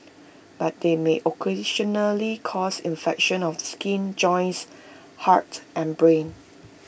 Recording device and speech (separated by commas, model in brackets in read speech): boundary microphone (BM630), read sentence